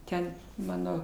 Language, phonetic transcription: Lithuanian, ˈten ˈmano

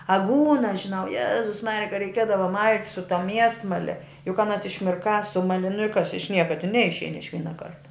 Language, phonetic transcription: Lithuanian, aˈgūnas žiˈnau ˈjezus ˈmarija ka reiˈkiedava mal't' su ta ˈmiesmale juk aˈnas išmirˈkā ˈsumali nu i kas iš ˈnieka tin ˈneišein iš ˈvyna ˈkarta

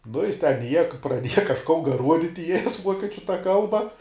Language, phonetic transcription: Lithuanian, nu ˈjis ten iˈieja praˈdieja kažˈko ˈruoditi i jas ˈvuokiečiu ta ˈkalba

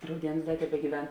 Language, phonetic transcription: Lithuanian, rauˈdienus ˈda tebegyˈven

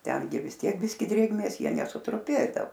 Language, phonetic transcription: Lithuanian, ˈtengi vis ˈtiek ˈbiski ˈdrėgmės ˈjie nesutruˈpėdao

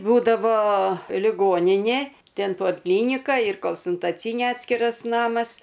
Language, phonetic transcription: Lithuanian, ˈbūdavo liˈgoninė ˈten polˈklynika ir kolsuntaˈcynė ˈatskiras ˈnamas

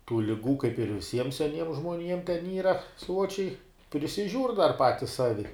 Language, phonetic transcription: Lithuanian, tų liˈgų kaip ir viˈsiem seˈniem žmoˈniem ten ˈyra ˈsuočiai prisiˈžiūr' dar ˈpatis ˈsavi

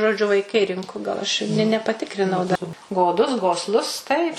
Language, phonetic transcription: Lithuanian, žoˈdžiu vaiˈkai ˈrinku gal ˈaš i ne ne nepaˈtikrinau da goˈdus gosˈlus taip

